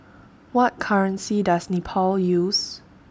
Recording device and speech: standing microphone (AKG C214), read sentence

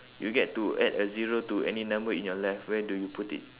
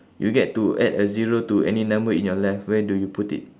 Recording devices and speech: telephone, standing microphone, conversation in separate rooms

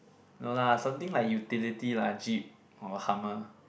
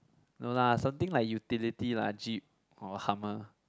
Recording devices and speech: boundary microphone, close-talking microphone, conversation in the same room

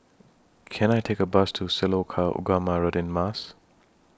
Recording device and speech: standing microphone (AKG C214), read sentence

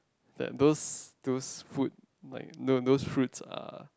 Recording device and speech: close-talking microphone, conversation in the same room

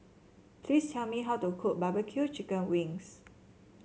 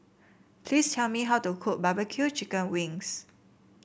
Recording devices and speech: mobile phone (Samsung C7), boundary microphone (BM630), read sentence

